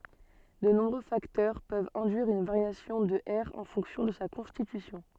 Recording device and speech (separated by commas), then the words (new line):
soft in-ear microphone, read sentence
De nombreux facteurs peuvent induire une variation de R en fonction de sa constitution.